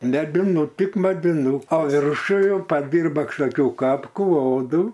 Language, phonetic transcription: Lithuanian, mediˈnu tik mediˈnu o ˈviršu ˈjau paˈdirba kažkoˈkiu ˈkapku ˈodu

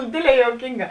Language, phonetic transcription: Lithuanian, ˈdėdˌlē juoˈkynˌgā

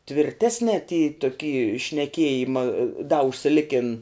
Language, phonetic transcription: Lithuanian, tvirˈtesne ty toˈky šneˈkiejima da užsiˈlikin

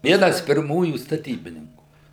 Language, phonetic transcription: Lithuanian, ˈvienas pirˈmųjų staˈtybininkų

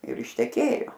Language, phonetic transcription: Lithuanian, ir išteˈkėjo

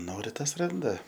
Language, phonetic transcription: Lithuanian, ˈnori ˈtas ˈranda

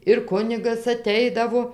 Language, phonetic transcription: Lithuanian, ir ˈkunigas aˈteidavo

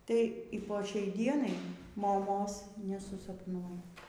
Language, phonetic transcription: Lithuanian, tai y po ˈšiai ˈdienai moˈmos nesusapˈnuo

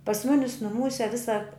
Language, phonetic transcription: Lithuanian, pas ˈmunis nuˈmūse ˈvisa

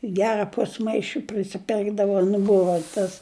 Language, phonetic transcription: Lithuanian, ˈgera ˈpusmaiši prisiˈpirkdava nu ˈbuva tas

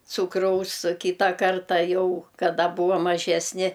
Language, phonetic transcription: Lithuanian, ˈcūkraus o ˈkyta ˈkarta ˈjau kaˈda ˈbūvam maˈžesni

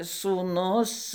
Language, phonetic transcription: Lithuanian, sūˈnus

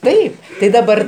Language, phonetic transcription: Lithuanian, ˈtaip tai daˈbar

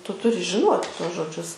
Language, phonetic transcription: Lithuanian, ˈtu ˈturi žiˈnuoti ˈtuos žoˈdžius

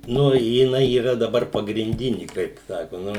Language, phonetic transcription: Lithuanian, ˈnu jiˈnai yˈra daˈbar pagrinˈdini kaip ˈsako ˈnu

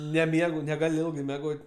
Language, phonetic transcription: Lithuanian, neˈmiegu negaˈliu meˈgot'

